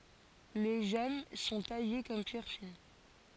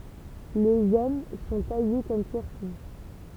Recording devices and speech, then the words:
forehead accelerometer, temple vibration pickup, read sentence
Les gemmes sont taillées comme pierres fines.

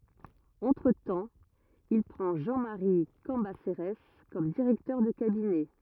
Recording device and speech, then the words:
rigid in-ear microphone, read sentence
Entretemps, il prend Jean-Marie Cambacérès comme directeur de cabinet.

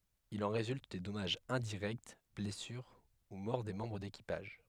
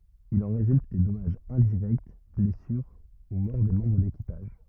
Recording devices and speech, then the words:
headset microphone, rigid in-ear microphone, read sentence
Il en résulte des dommages indirects, blessures ou mort des membres d'équipage.

